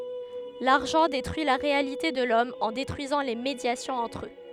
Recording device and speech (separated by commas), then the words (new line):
headset microphone, read sentence
L'argent détruit la réalité de l'Homme en détruisant les médiations entre eux.